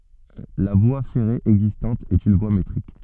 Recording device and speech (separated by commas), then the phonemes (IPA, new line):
soft in-ear microphone, read sentence
la vwa fɛʁe ɛɡzistɑ̃t ɛt yn vwa metʁik